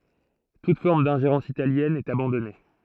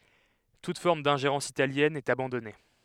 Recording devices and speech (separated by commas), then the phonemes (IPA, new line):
throat microphone, headset microphone, read sentence
tut fɔʁm dɛ̃ʒeʁɑ̃s italjɛn ɛt abɑ̃dɔne